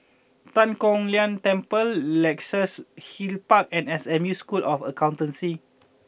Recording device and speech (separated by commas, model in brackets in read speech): boundary microphone (BM630), read sentence